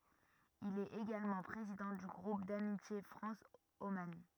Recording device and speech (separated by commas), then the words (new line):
rigid in-ear microphone, read sentence
Il est également président du groupe d'amitié France - Oman.